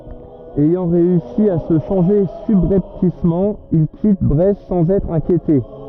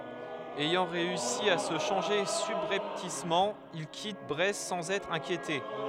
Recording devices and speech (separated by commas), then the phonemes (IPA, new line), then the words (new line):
rigid in-ear microphone, headset microphone, read sentence
ɛjɑ̃ ʁeysi a sə ʃɑ̃ʒe sybʁɛptismɑ̃ il kit bʁɛst sɑ̃z ɛtʁ ɛ̃kjete
Ayant réussi à se changer subrepticement, il quitte Brest sans être inquiété.